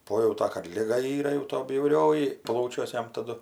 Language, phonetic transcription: Lithuanian, ˈpojauta kad ˈliga ˈyra jau to bjauˈrioji ˈplaučiuos ˈjam taˈdu

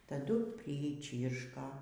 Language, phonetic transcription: Lithuanian, taˈdu priˈčyrška

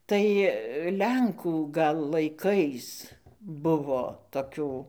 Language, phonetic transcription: Lithuanian, ˈtai ˈlenkų gal laiˈkais ˈbuvo toˈkių

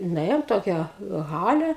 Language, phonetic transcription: Lithuanian, nuˈėjom ˈtokią ˈhale

